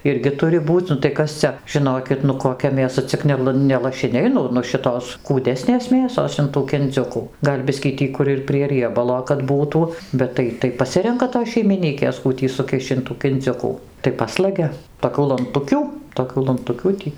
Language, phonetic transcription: Lithuanian, ˈirgi ˈturi ˈbūc' nu tai ˈkas cia žiˈnokit nu koˈkia mėˈsa cik ˈnel ne lašiˈniai ˈnu nu ˈšitos kūˈdesnės ˈmėsos in ˈtų kinˈdziukų ˈgal' ˈbiskį ˈtį kur ir prie rieˈbalo kad ˈbūtų ˈbet tai tai paˈsirenka tos šeimiˈnykės ˈkų tį suˈkiš'č' in ˈtų kinˈdziukų tai ˈpaslagia toˈkių lanˈtukių toˈkių lanˈtukių tį

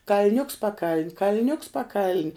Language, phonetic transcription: Lithuanian, kal'ˈniuks paˈkaln' kal'ˈniuks paˈkaln'

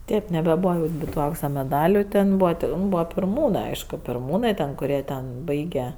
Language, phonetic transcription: Lithuanian, ˈtėp nebeˈbūva ˈnibi tu ˈauksa meˈdaliu ˈten ˈbūva ˈten ˈbūva pirˈmūnɜ ˈaišku pirˈmūnɜ ten kuˈrie ten ˈbaige

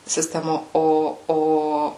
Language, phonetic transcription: Lithuanian, siˈstemo ˈo ˈo

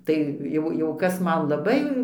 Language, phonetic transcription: Lithuanian, ˈtai jau ˈjau ˈkas ˈman laˈbai

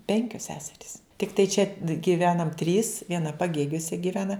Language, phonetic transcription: Lithuanian, ˈpenkios ˈseserys tikˈtai čia gyˈvenam trys vieˈna paˈgėgiuose gyˈvena

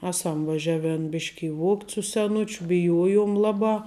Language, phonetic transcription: Lithuanian, ˈeˌsam vaˈžiaˌven ˈbiški i ˈvuogt' su seˈnučiu biˈjuojuom ˈlaˌbā

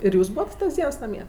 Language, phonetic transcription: Lithuanian, ir ˈjūs ˈbūvat tas ˈdiens naˈmie

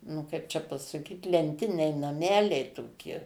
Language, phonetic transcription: Lithuanian, nu ˈkaip čia pasaˈkyt lenˈtiniai naˈmeliai toˈki

